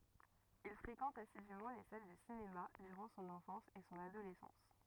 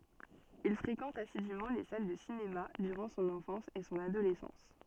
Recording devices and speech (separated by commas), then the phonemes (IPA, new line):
rigid in-ear microphone, soft in-ear microphone, read sentence
il fʁekɑ̃t asidymɑ̃ le sal də sinema dyʁɑ̃ sɔ̃n ɑ̃fɑ̃s e sɔ̃n adolɛsɑ̃s